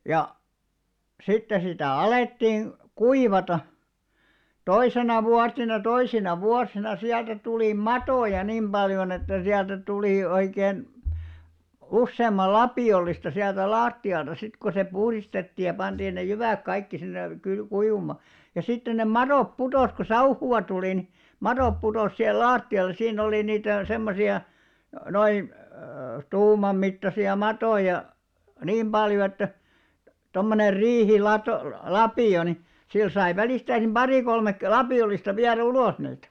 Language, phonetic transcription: Finnish, ja , sitte sitä̀ 'alettiin̬ , "kuivata , 'toisena vuatina 'toisina 'vuasina siältä tulì "matòja niim 'ʙaljon ‿että siältä 'tulì oikeen , 'usseemmal "lapì₍ollista siältä "laatti₍alta sit ko se 'puhristetti ja 'panᴅiin ne 'jyvä̀k kaikki sinne , 'kyl- 'kuivuma , ja sitten ne "maròp 'putòs ko "sauhu₍a tuli ni , 'marop putos sihel "laatti₍alles̆ siinn ‿olì 'niitä , 'semmosi₍a , noin̬ , 'tuumammittasi₍a 'matòja , 'niim ʙaljo että , tommoner 'riihi'lato , "-lapì₍o ni , sil sai 'välìstäisim "ʙari kolmek- , "lapi₍ollista viärᵃ̈ 'ulos niitᴀ̈ .
- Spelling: ja sitten sitä alettiin kuivata toisena vuotena toisina vuosina sieltä tuli matoja niin paljon että sieltä tuli oikein useamman lapiollista sieltä lattialta sitten kun se puhdistettiin ja pantiin ne jyvät kaikki sinne - kuivumaan ja sitten ne madot putosi kun sauhua tuli niin madot putosi siihen lattialle siinä oli niitä semmoisia noin tuumanmittaisia matoja niin paljon että tuommoinen - riihilatolapio niin sillä sai välistä pari - lapiollista viedä ulos niitä

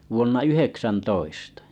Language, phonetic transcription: Finnish, vuonna 'yheksäntoistᴀ .
- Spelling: vuonna yhdeksäntoista

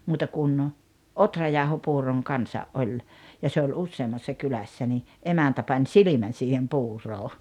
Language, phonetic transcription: Finnish, 'muuta kun , "otrajàohopuuroŋ 'kansa’ '’oĺ , ja se oĺ 'usseemmassa 'kylässä ni , 'emäntä pań "silimän̬ siihem 'puuroo .
- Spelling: muuta kuin ohrajauhopuuron kanssa oli ja se oli useammassa kylässä niin emäntä pani silmän siihen puuroon

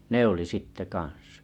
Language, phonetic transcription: Finnish, 'ne ‿olì 'sitte 'ka̰n̬s .
- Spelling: ne oli sitten kanssa

